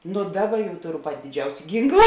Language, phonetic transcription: Lithuanian, nu ˈdaˌba jau ˈtoˌru ˈpati diˈdžiausia ˈgynkla

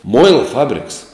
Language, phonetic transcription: Lithuanian, ˈmuila ˈfabriks

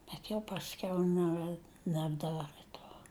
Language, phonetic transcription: Lithuanian, bet jau pasˈkiau ˈne nebˈdarɘ ˈto

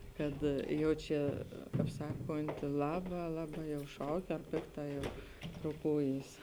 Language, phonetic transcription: Lithuanian, ˈkad ˈjau čia kap ˈsakonti ˈlaba ˈlaˌbā jau ˈšauk ar ˈpikˌtā jau roˈkūjys

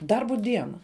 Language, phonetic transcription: Lithuanian, ˈdarbu ˈdiena

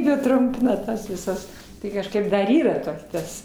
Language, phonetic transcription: Lithuanian, ˈjie ˈtrumpina ˈtas viˈsas ˈtai kažˈkaip dar ˈyra ˈto ˈtas

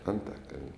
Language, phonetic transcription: Lithuanian, anˈtakal'n

